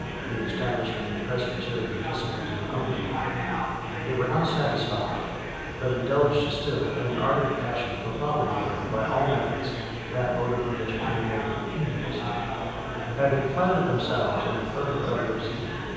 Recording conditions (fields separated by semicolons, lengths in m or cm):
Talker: one person; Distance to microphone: 7.1 m; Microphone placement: far; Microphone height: 1.7 m; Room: very reverberant, large; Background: babble